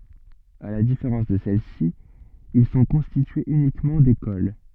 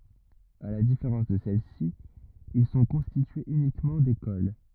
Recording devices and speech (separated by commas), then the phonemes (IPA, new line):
soft in-ear microphone, rigid in-ear microphone, read sentence
a la difeʁɑ̃s də sɛlɛsi il sɔ̃ kɔ̃stityez ynikmɑ̃ dekol